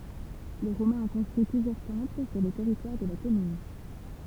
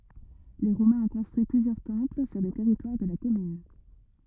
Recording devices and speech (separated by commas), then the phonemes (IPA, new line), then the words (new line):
temple vibration pickup, rigid in-ear microphone, read sentence
le ʁomɛ̃z ɔ̃ kɔ̃stʁyi plyzjœʁ tɑ̃pl syʁ lə tɛʁitwaʁ də la kɔmyn
Les Romains ont construit plusieurs temples sur le territoire de la commune.